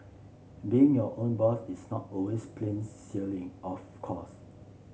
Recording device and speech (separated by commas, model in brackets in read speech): mobile phone (Samsung C7), read sentence